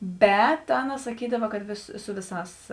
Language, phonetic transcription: Lithuanian, ˈbet ˈaˌna saˈkydava kad ˈvės ˈsu ˈviˌsās

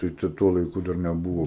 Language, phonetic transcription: Lithuanian, tai ˈta ˈtuo laiˈku dar neˈbuvo

